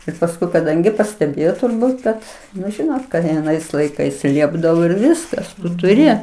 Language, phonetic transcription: Lithuanian, ir pasˈkui kaˈdangi pasteˈbėjo turˈbūt kad nu ˈžinot kai aˈnais laiˈkais ˈliepdavo ir ˈviskas tuˈri

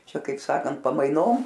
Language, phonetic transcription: Lithuanian, ˈčia kaip ˈsakant pamaiˈnom

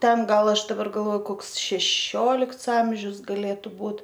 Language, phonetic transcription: Lithuanian, ˈten ˈgal ˈaš daˈbar galˈvoju ˈkoks šeˈšiolikts ˈamžius gaˈlėtu ˈbūt

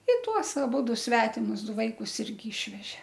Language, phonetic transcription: Lithuanian, i ˈtuos aˈbudu ˈsvetimus ˈdu ˈvaikus ˈirgi ˈišveže

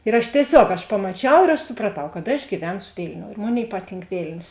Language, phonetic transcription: Lithuanian, ir ˈaš tieˈsiog aš pamaˈčiau ir aš supraˈtau kad aš gyˈvensu ˈvilniou ir ˈmoˌnėi ˈpaˌtynk ˈvėlnios

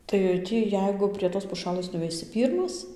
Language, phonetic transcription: Lithuanian, tai ˈtį ˈjeigu prie tos puˈšalɘs nuveiˈsi ˈpyrmas

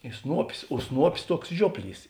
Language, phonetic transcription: Lithuanian, i ˈsnuopis o ˈsnuopis ˈtuoks ˈžiuopˌlys

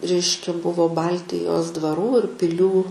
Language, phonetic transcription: Lithuanian, ˈreiškia ˈbuvo ˈbaltijos dvaˈrų ir pilˈių

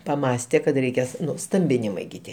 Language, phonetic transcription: Lithuanian, paˈmąstė kad reiˈkės ˈnu ˈstambinimai gi ˈtie

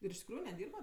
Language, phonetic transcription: Lithuanian, ir iš tikˈrųju neˈdyrba

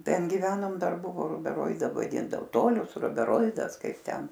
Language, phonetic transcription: Lithuanian, ˈten giˈvenom ˈdar ˈbuvo rubeˈroida vaˈdindavo ˈtolius rubeˈroidas ˈkaip ˈten

